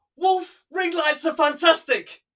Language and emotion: English, fearful